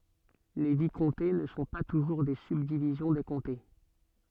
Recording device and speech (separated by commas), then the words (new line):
soft in-ear microphone, read sentence
Les vicomtés ne sont pas toujours des subdivisions des comtés.